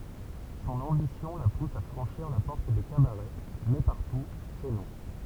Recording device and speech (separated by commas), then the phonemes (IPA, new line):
temple vibration pickup, read sentence
sɔ̃n ɑ̃bisjɔ̃ la pus a fʁɑ̃ʃiʁ la pɔʁt de kabaʁɛ mɛ paʁtu sɛ nɔ̃